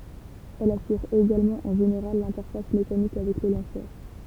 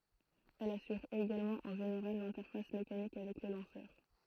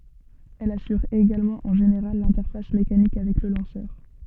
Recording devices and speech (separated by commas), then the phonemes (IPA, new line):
temple vibration pickup, throat microphone, soft in-ear microphone, read sentence
ɛl asyʁ eɡalmɑ̃ ɑ̃ ʒeneʁal lɛ̃tɛʁfas mekanik avɛk lə lɑ̃sœʁ